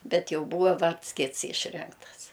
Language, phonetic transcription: Lithuanian, ˈbet ˈjau ˈbūva ˈvards ˈkits ˈyšrinktas

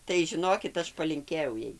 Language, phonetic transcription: Lithuanian, tai žiˈnokit ˈaš palinˈkėjau ˈjai

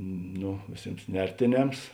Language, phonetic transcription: Lithuanian, ˈno vėˈsėms ˈnertėˌnems

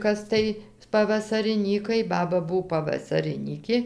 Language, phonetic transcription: Lithuanian, ˈkas tai pavasariˈnykai ˈbaba ˈbuv pavasariˈnykė

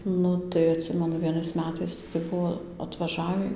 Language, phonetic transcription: Lithuanian, ˈnu tai atˈsimenu vieˈnais meˈtais tai ˈbuvo atvaˈžavį

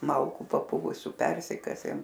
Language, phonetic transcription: Lithuanian, ˈmalku paˈpuvusiu ˈpersikasėm

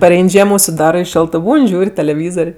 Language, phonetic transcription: Lithuanian, paˈrein' ˈžiemo užsiˈdarɜ i ˈšioltɜ ˈbūn' ˈžiūr' teleˈvyzor'

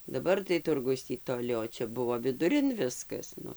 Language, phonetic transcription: Lithuanian, daˈbar tai ˈturgus ˈtį toˈli o ˈčia ˈbuvo viduˈrin ˈviskas ˈnu

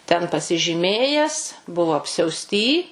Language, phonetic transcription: Lithuanian, ten pasižyˈmėjęs ˈbuvo apsiausˈty

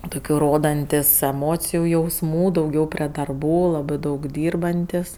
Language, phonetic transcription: Lithuanian, dauˈgiau ˈrodantis eˈmociju jausˈmų dauˈgiau prė darˈbų ˈlabɜ ˈdaug ˈdyrbantis

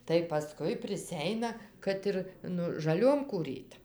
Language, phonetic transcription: Lithuanian, tai paˈskui priˈseina ˈkad ir ˈnu žaˈliom kūˈryt

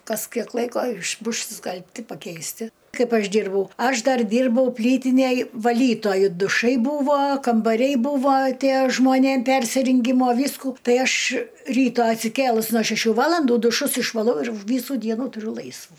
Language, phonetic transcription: Lithuanian, ˈkas ˈkiek ˈlaiko iš ˈbušs išskalbˈti pakeisˈti ˈkaip ˈaš ˈdyrbau ˈaš ˈdar ˈdyrbau ˈplytinėj vaˈlytoju duˈšai ˈbūvo kambaˈriai ˈbūvo ˈtie žmoˈnėm ˈpersiringimo ˈvysku ˈtai ˈaš ˈryta atsiˈkėlus no šeˈšių ˈvalandų duˈšus išvaˈlau ir ˈvysų ˈdienų tuˈriu ˈlaisvų

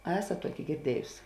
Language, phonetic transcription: Lithuanian, a ˈesat ˈtuoki girˈdiejus

